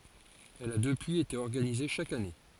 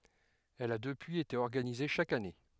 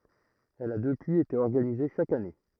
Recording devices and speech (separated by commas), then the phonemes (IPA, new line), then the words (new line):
forehead accelerometer, headset microphone, throat microphone, read sentence
ɛl a dəpyiz ete ɔʁɡanize ʃak ane
Elle a depuis été organisée chaque année.